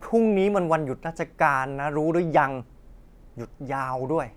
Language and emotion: Thai, frustrated